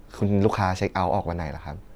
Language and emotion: Thai, neutral